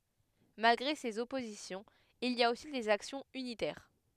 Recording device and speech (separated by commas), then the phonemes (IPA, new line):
headset microphone, read sentence
malɡʁe sez ɔpozisjɔ̃z il i a osi dez aksjɔ̃z ynitɛʁ